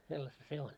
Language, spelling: Finnish, sellaista se on
- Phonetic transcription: sellasta 'se on .

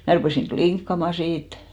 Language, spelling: Finnish, minä rupesin klinkkaamaan siitä
- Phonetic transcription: mä rupèsiŋ "kliŋkkama 'siit .

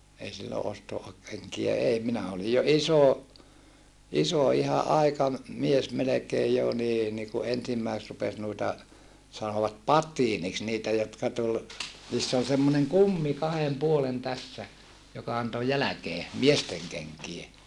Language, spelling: Finnish, ei silloin - ostokenkiä ei minä olin jo iso iso ihan - aikamies melkein jo niin niin kun ensimmäiset rupesi noita sanovat patiiniksi niitä jotka tuli niissä oli semmoinen kumi kahden puolen tässä joka antoi jälkeen miesten kenkiä
- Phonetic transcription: ei sillo osto- , -keŋkijä ei minä olij jo iso , iso iha ʼaikam- , -mies melekeej jo nii ni ku ensimmäisᵉt rupes nuita , sanovat pat̆tiiniks niitä jotka tul , niiss ‿ol semmoneŋ kummi kahem puolen tässä , joka anto jäläkee , miesteŋ kenkie .

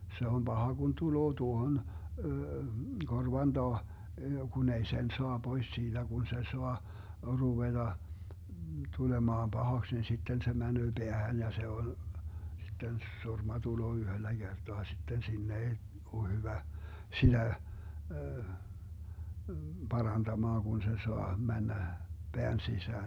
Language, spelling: Finnish, se on paha kun tulee tuohon korvan taa kun ei sen saa pois siitä kun se saa ruveta tulemaan pahaksi niin sitten se menee päähän ja se on sitten surma tulee yhdellä kertaa sitten sinne ei ole hyvä sillä parantamaan kun se saa mennä pään sisään
- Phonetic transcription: se 'om "Baha Gun 'tuloo 'tuohon , 'korvan 'Daa , 'kun ‿ei "sen soa "Bois siiDä 'Gun se 'soa , 'ruveDa , 'tulemaam "Bahaks ni 'sitten se 'mänöö 'Beähän ja 'se on , 'sitten "surma 'tuloo 'yhöllä "GerDoa 'sitten "sinne 'ei , o 'hyvä , 'sillä , 'paranDamaaŋ Gun se 'soa 'männä , "Beän 'sisään .

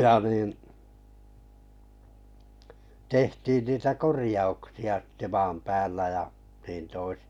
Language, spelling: Finnish, ja niin tehtiin niitä korjauksia sitten maan päällä ja niin toisin
- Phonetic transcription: ja 'niin , 'tehtiin niitä "korⁱjauksi₍a stᴇ 'maam 'päällä ja , niin toisɪ .

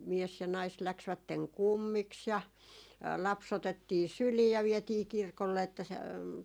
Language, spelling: Finnish, mies ja nainen lähtivät kummiksi ja lapsi otettiin syliin ja vietiin kirkolle että se
- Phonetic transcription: 'mies ja 'nais 'läksvätteŋ "kummiks ja , 'lap's ‿otettii "sylii ja 'viɛtii "kirkolle että se ,.

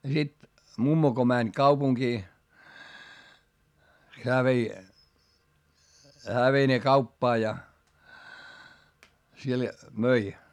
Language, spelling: Finnish, ja sitten mummo kun meni kaupunkiin hän vei hän vei ne kauppaan ja siellä myi
- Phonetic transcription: ja sit , mummo ko mäń kaupuŋkii , heä vei , hää vei ne kauppaa ja , siel möi .

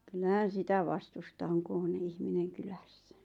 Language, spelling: Finnish, kyllähän sitä vastusta on kun on ihminen kylässä
- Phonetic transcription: 'kyllähän̬ 'sitä "vastusta oŋ ku on 'ihmineŋ "kylässᴀ̈ .

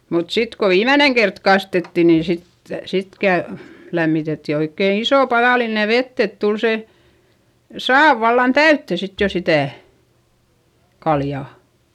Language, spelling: Finnish, mutta sitten kun viimeinen kerta kastettiin niin sitten sitten - lämmitettiin oikein iso padallinen vettä että tuli se saavi vallan täyteen sitten jo sitä kaljaa
- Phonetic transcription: mut sit ko viimäneŋ kert kastetti nin̬ sit , sit kä- , lämmitetti oikkèn ‿isò paδàline vett ‿et tul se , saav vallan täytte sit jo sitä̀ , kaljà .

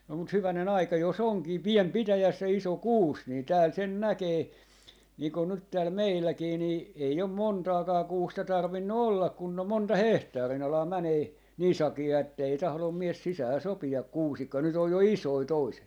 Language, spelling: Finnish, no mutta hyvänen aika jos onkin pieni pitäjässä ja iso kuusi niin täällä sen näkee niin kuin nyt täällä meilläkin niin ei on montaakaan kuusta tarvinnut olla kun on monta hehtaarin alaa menee niin sakeaa että ei tahdo mies sisään sopia kuusikkoon nyt on jo isoja toiset
- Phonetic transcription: no mut 'hyväne'n ‿aika jos 'oŋkii "piem 'pitäjäs ja "iso "kuus nii 'tääl 'sen "näkee , nii kon 'nyt tääl "meilläkii nii , 'ei om "montaakaa 'kuusta 'tarvinnu "ollak kunn ‿om 'monta "hehtaari'n ‿alaa 'mänee. , "nii 'saki₍aa ettei 'tahlom 'mies 'sisää 'sopi₍a "kuusikkoo , nyt ‿oj jo "isoi 'toiset .

